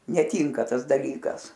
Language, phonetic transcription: Lithuanian, neˈtynka ˈtas daˈlykas

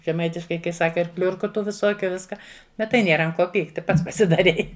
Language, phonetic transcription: Lithuanian, žeˈmaitiškai kai ˈsaka ir ˈkliurku ˈtų viˈsokiu ˈviska ˈbet tai ˈnėra ant ˈko ˈpykti ˈpats pasidaˈrei

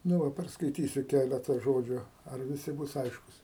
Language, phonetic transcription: Lithuanian, nu ˈva perskaiˈtysiu ˈkæleta ˈžodžiu ar viˈsi ˈbus ˈaiškus

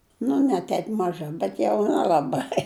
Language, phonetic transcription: Lithuanian, nu ne ˈtep maˈža bet jau nelaˈbai

